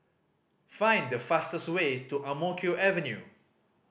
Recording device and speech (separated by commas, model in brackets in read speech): boundary microphone (BM630), read sentence